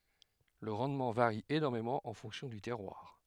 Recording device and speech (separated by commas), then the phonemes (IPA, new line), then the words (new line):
headset microphone, read sentence
lə ʁɑ̃dmɑ̃ vaʁi enɔʁmemɑ̃ ɑ̃ fɔ̃ksjɔ̃ dy tɛʁwaʁ
Le rendement varie énormément en fonction du terroir.